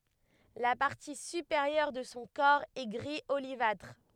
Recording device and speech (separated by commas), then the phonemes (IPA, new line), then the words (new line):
headset microphone, read sentence
la paʁti sypeʁjœʁ də sɔ̃ kɔʁ ɛ ɡʁi olivatʁ
La partie supérieure de son corps est gris olivâtre.